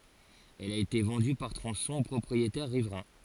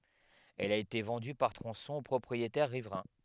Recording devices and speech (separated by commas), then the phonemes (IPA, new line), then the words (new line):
forehead accelerometer, headset microphone, read sentence
ɛl a ete vɑ̃dy paʁ tʁɔ̃sɔ̃z o pʁɔpʁietɛʁ ʁivʁɛ̃
Elle a été vendue par tronçons aux propriétaires riverains.